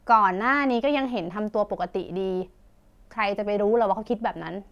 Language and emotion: Thai, frustrated